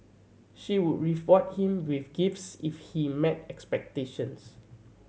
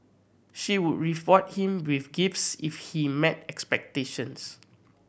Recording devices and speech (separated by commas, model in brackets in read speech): mobile phone (Samsung C7100), boundary microphone (BM630), read sentence